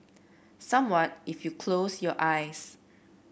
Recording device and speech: boundary microphone (BM630), read sentence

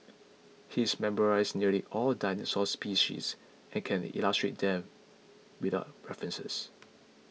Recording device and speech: mobile phone (iPhone 6), read sentence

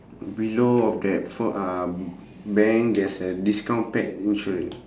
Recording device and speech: standing microphone, conversation in separate rooms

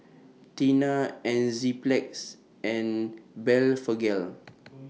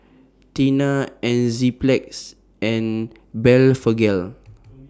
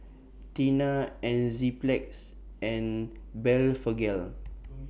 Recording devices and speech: mobile phone (iPhone 6), standing microphone (AKG C214), boundary microphone (BM630), read sentence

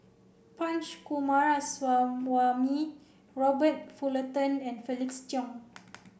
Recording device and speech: boundary microphone (BM630), read sentence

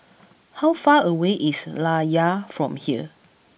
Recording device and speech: boundary microphone (BM630), read sentence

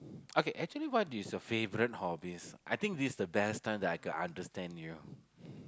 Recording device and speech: close-talking microphone, conversation in the same room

